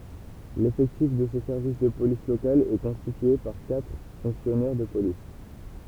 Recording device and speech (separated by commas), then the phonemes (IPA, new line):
temple vibration pickup, read sentence
lefɛktif də sə sɛʁvis də polis lokal ɛ kɔ̃stitye paʁ katʁ fɔ̃ksjɔnɛʁ də polis